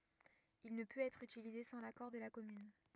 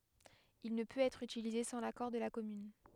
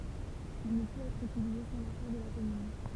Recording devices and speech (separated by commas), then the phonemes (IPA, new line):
rigid in-ear microphone, headset microphone, temple vibration pickup, read sentence
il nə pøt ɛtʁ ytilize sɑ̃ lakɔʁ də la kɔmyn